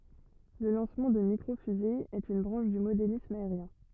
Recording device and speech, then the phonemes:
rigid in-ear microphone, read sentence
lə lɑ̃smɑ̃ də mikʁo fyze ɛt yn bʁɑ̃ʃ dy modelism aeʁjɛ̃

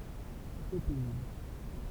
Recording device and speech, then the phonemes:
temple vibration pickup, read sentence
tʁo pɛzibl

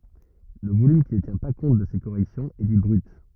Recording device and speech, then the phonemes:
rigid in-ear microphone, read sentence
lə volym ki nə tjɛ̃ pa kɔ̃t də se koʁɛksjɔ̃z ɛ di bʁyt

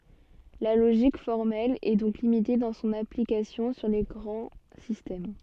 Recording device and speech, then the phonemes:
soft in-ear microphone, read sentence
la loʒik fɔʁmɛl ɛ dɔ̃k limite dɑ̃ sɔ̃n aplikasjɔ̃ syʁ le ɡʁɑ̃ sistɛm

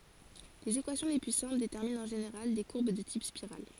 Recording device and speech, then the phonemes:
forehead accelerometer, read sentence
lez ekwasjɔ̃ le ply sɛ̃pl detɛʁmint ɑ̃ ʒeneʁal de kuʁb də tip spiʁal

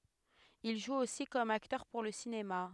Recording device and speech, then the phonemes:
headset microphone, read sentence
il ʒu osi kɔm aktœʁ puʁ lə sinema

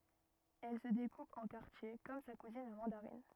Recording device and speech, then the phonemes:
rigid in-ear microphone, read sentence
ɛl sə dekup ɑ̃ kaʁtje kɔm sa kuzin la mɑ̃daʁin

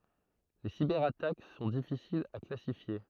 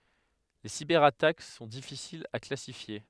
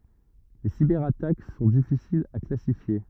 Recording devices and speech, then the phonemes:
throat microphone, headset microphone, rigid in-ear microphone, read sentence
le sibɛʁatak sɔ̃ difisilz a klasifje

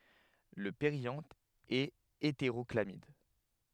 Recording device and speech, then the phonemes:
headset microphone, read sentence
lə peʁjɑ̃t ɛt eteʁɔklamid

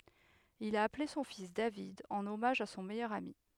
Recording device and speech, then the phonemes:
headset microphone, read sentence
il a aple sɔ̃ fis david ɑ̃n ɔmaʒ a sɔ̃ mɛjœʁ ami

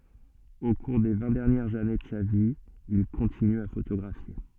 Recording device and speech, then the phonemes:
soft in-ear microphone, read sentence
o kuʁ de vɛ̃ dɛʁnjɛʁz ane də sa vi il kɔ̃tiny a fotoɡʁafje

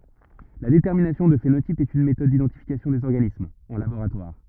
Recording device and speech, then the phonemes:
rigid in-ear microphone, read sentence
la detɛʁminasjɔ̃ dy fenotip ɛt yn metɔd didɑ̃tifikasjɔ̃ dez ɔʁɡanismz ɑ̃ laboʁatwaʁ

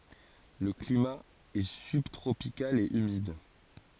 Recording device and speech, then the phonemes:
forehead accelerometer, read sentence
lə klima ɛ sybtʁopikal e ymid

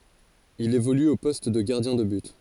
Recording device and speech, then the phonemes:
forehead accelerometer, read sentence
il evoly o pɔst də ɡaʁdjɛ̃ də byt

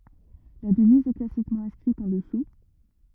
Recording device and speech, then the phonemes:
rigid in-ear microphone, read sentence
la dəviz ɛ klasikmɑ̃ ɛ̃skʁit ɑ̃ dəsu

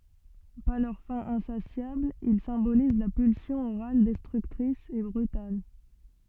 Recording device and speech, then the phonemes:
soft in-ear microphone, read sentence
paʁ lœʁ fɛ̃ ɛ̃sasjabl il sɛ̃boliz la pylsjɔ̃ oʁal dɛstʁyktʁis e bʁytal

